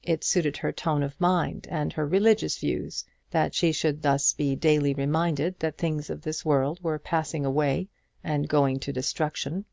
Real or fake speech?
real